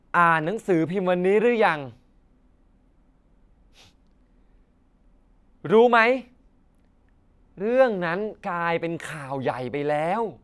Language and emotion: Thai, frustrated